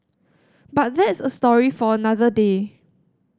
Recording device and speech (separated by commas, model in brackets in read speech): standing microphone (AKG C214), read sentence